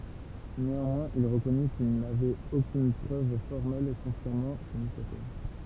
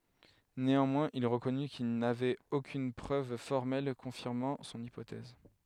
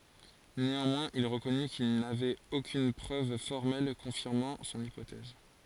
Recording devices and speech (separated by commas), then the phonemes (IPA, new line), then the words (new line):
temple vibration pickup, headset microphone, forehead accelerometer, read sentence
neɑ̃mwɛ̃z il ʁəkɔny kil navɛt okyn pʁøv fɔʁmɛl kɔ̃fiʁmɑ̃ sɔ̃n ipotɛz
Néanmoins, il reconnut qu’il n’avait aucune preuve formelle confirmant son hypothèse.